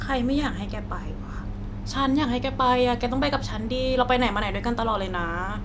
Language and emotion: Thai, neutral